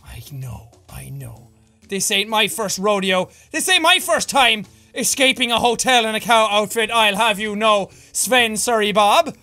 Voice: low voice